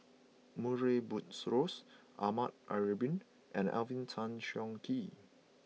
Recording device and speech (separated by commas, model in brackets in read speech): mobile phone (iPhone 6), read sentence